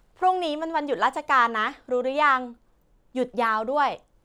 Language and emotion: Thai, happy